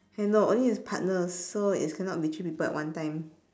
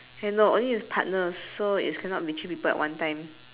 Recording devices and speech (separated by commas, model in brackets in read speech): standing microphone, telephone, conversation in separate rooms